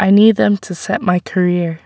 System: none